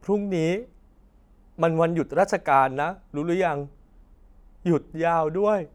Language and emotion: Thai, sad